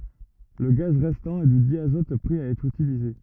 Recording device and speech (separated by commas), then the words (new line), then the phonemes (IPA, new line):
rigid in-ear microphone, read sentence
Le gaz restant est du diazote prêt à être utilisé.
lə ɡaz ʁɛstɑ̃ ɛ dy djazɔt pʁɛ a ɛtʁ ytilize